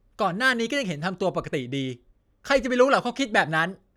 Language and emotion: Thai, frustrated